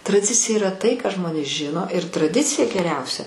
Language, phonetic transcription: Lithuanian, traˈdicija yˈra tai ką ˈžmonės ˈžino ir traˈdicija geˈriausia

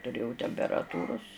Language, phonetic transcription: Lithuanian, tuˈrėjau temperaˈtūrus

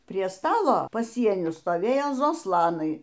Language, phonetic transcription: Lithuanian, prie ˈstalo paˈsieniu stoˈvėjo zoˈslanai

